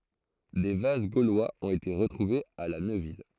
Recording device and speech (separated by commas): throat microphone, read sentence